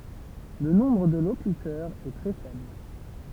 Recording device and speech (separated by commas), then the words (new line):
temple vibration pickup, read sentence
Le nombre de locuteurs est très faible.